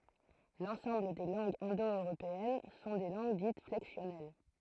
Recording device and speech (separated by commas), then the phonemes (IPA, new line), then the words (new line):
throat microphone, read sentence
lɑ̃sɑ̃bl de lɑ̃ɡz ɛ̃do øʁopeɛn sɔ̃ de lɑ̃ɡ dit flɛksjɔnɛl
L'ensemble des langues indo-européennes sont des langues dites flexionnelles.